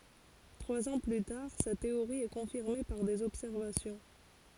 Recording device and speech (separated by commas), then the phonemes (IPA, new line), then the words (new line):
forehead accelerometer, read sentence
tʁwaz ɑ̃ ply taʁ sa teoʁi ɛ kɔ̃fiʁme paʁ dez ɔbsɛʁvasjɔ̃
Trois ans plus tard, sa théorie est confirmée par des observations.